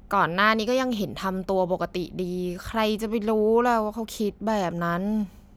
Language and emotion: Thai, frustrated